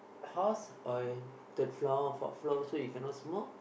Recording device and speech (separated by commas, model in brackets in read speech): boundary microphone, conversation in the same room